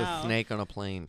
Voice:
imitates, nasally